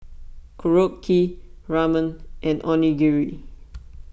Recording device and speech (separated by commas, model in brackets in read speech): boundary microphone (BM630), read sentence